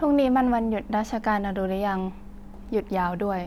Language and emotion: Thai, neutral